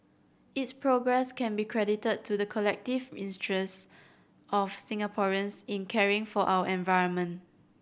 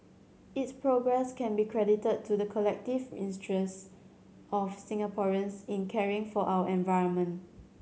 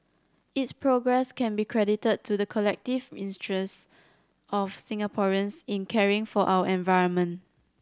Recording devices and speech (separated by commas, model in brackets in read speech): boundary microphone (BM630), mobile phone (Samsung C7100), standing microphone (AKG C214), read sentence